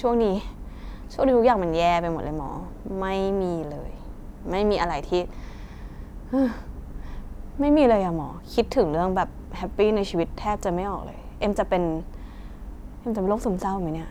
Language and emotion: Thai, frustrated